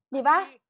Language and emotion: Thai, happy